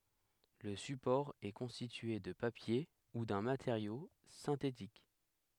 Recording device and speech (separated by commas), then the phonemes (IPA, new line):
headset microphone, read sentence
lə sypɔʁ ɛ kɔ̃stitye də papje u dœ̃ mateʁjo sɛ̃tetik